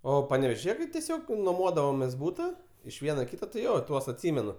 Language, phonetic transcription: Lithuanian, ˈo panevėžiˈje tai teˈsiog nuoˈmodavomės ˈbūta iš ˈvieno i ˈkyta tai ˈjo ˈtuos atˈsimenu

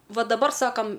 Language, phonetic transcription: Lithuanian, ˈva daˈbar ˈsakam

